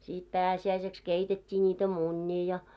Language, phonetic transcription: Finnish, sit "pääsi₍äiseks 'keitet́t́ii n̆iitä "muńńii ja .
- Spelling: sitten pääsiäiseksi keitettiin niitä munia ja

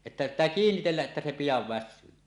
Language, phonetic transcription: Finnish, että pit̆tää kiinnitelläˀ ˀettä se 'pijav "väs̆syy .
- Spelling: että pitää kiinnitellä että se pian väsyy

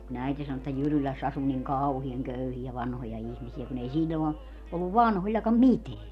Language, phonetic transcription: Finnish, ku'n ‿äiti sano että "Jyryläss ‿asu niŋ "kauhiaŋ 'köyhiä 'vanhoja 'ihmisi₍ä kun ‿ei 'siĺĺon ‿o , olluv "vanhoĺĺakam "miteä .
- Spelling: kun äiti sanoi että Jyrylässä asui niin kauhean köyhiä vanhoja ihmisiä kun ei silloin ole ollut vanhoillakaan mitään

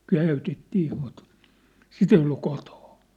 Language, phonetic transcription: Finnish, » "käỳtet'tii mut , "sit ‿ei ollu 'kotᴏɴ .
- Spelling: käytettiin mutta sitä ei ollut kotona

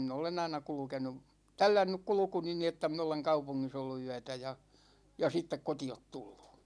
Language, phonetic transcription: Finnish, 'min ‿olen aina 'kulᵘkenu , "tällännyk 'kulᵘkuni ni että 'min ‿oleŋ "kaupuŋŋis ollu 'yätä ja , ja 'sittek 'koti₍ot tullU .
- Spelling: minä olen aina kulkenut tällännyt kulkuni niin että minä olen kaupungissa ollut yötä ja ja sitten kotiin tullut

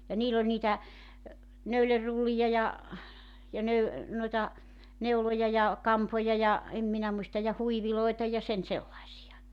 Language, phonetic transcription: Finnish, ja 'niill ‿oĺ niitä , 'nöylerrullija ja , ja 'nöy- , noita , 'neuloja ja , 'kampoja ja , 'em minä 'muista ja 'huiviloita ja 'sen "sellaisija .
- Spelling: ja niillä oli niitä neulerullia ja ja - noita neuloja ja kampoja ja en minä muista ja huiveja ja sen sellaisia

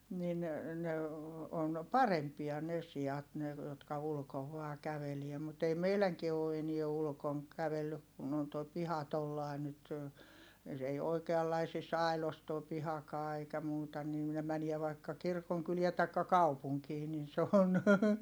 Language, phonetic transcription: Finnish, nin , ne , on , parempia ne si₍at ne , jotka ulᵘkov vaa kävelie mut ei meiläŋkie oo enie ulᵘkoŋ , kävellyk kun on toi piha tollài̮ nyt , s ‿ei oikeallaisis ài̮los too pihakaa eikä muuta nii ne mäniɛ vaikka kirkoŋkyliɛ taikka kaupuŋkii nin se on .
- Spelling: niin ne on parempia ne siat ne jotka ulkona vain käveli mutta ei meidänkään ole enää ulkona kävellyt kun on tuo piha tuolla lailla nyt se ei oikeanlaisissa aidoissa tuo pihakaan eikä muuta niin ne menee vaikka kirkonkyliin tai kaupunkiin niin se on

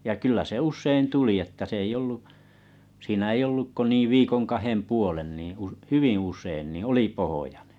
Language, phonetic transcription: Finnish, ja 'kyllä se 'ussein 'tuli että 's ‿ei ollu , siinä ei 'olluk ko ni 'viikoŋ 'kahem 'puolen nì , u- "hyviḭ 'us̀een ni oli pohojᴀɴᴇ .
- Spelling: ja kyllä se usein tuli että se ei ollut siinä ei ollut kuin niin viikon kahden puolen niin - hyvin usein niin oli pohjoinen

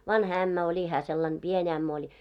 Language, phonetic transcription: Finnish, 'vanha 'ämmä oĺi hää sellan 'ʙien ‿ämmä oĺ .
- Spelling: vanha ämmä oli hän sellainen pieni ämmä oli

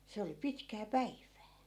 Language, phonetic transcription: Finnish, se oli 'pitkää "päiv̀ää .
- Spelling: se oli pitkää päivää

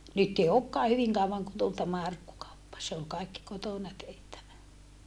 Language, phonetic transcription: Finnish, nyt ei okkaa hyviŋ kauvaŋ kun tul tämä arkkukauppa se ol kaikki kotòna tehtävä .
- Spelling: nyt ei olekaan hyvin kauan kuin tuli tämä arkkukauppa se oli kaikki kotona tehtävä

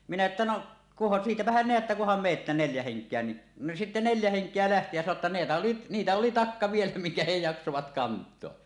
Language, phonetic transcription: Finnish, minä että » 'noˀ , kuhan , "siitäpähän 'neättä kuham meettä 'neljä 'heŋk̀eä « ni , no sitte 'neljä 'heŋk̀eä lähti jä sano ‿t ta neetä oli , nitä oli "takka vielä miŋkä he 'jaksovat "kant̀oa .
- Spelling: minä että no kunhan siitäpähän näette kunhan menette neljä henkeä niin no sitten neljä henkeä lähti ja sanoi - jotta niitä oli niitä oli takka vielä minkä he jaksoivat kantaa

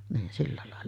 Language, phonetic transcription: Finnish, niin 'silla làella .
- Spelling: niin sillä lailla

